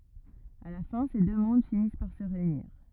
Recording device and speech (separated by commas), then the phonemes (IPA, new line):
rigid in-ear microphone, read sentence
a la fɛ̃ se dø mɔ̃d finis paʁ sə ʁeyniʁ